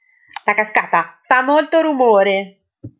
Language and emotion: Italian, angry